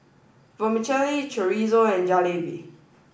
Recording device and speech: boundary microphone (BM630), read sentence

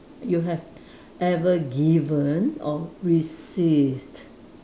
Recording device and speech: standing microphone, conversation in separate rooms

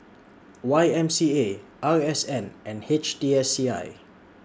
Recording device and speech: standing microphone (AKG C214), read sentence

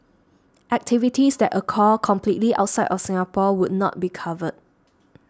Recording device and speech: standing microphone (AKG C214), read sentence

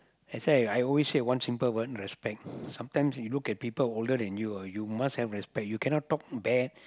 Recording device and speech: close-talking microphone, conversation in the same room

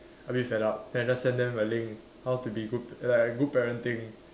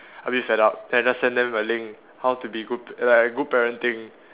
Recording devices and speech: standing microphone, telephone, conversation in separate rooms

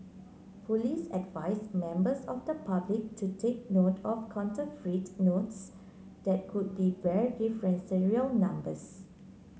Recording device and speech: mobile phone (Samsung C9), read sentence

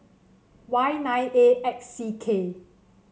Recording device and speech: mobile phone (Samsung C7), read sentence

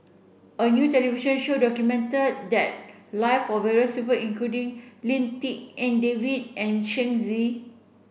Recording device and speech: boundary microphone (BM630), read sentence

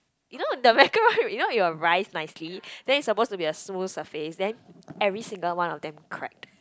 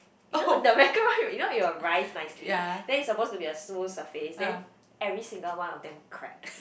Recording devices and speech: close-talking microphone, boundary microphone, conversation in the same room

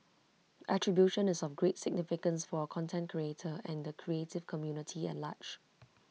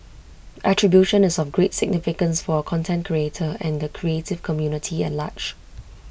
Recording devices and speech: mobile phone (iPhone 6), boundary microphone (BM630), read sentence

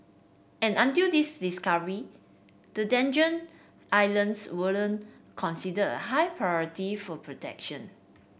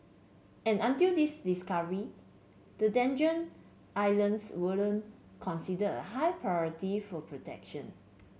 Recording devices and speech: boundary microphone (BM630), mobile phone (Samsung C7), read sentence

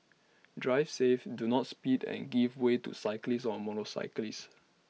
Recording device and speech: mobile phone (iPhone 6), read sentence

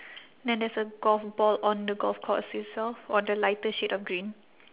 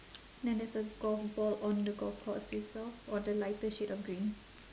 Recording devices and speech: telephone, standing microphone, conversation in separate rooms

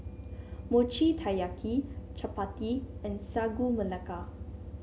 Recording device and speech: mobile phone (Samsung C7), read sentence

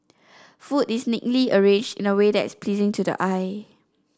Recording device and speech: standing microphone (AKG C214), read sentence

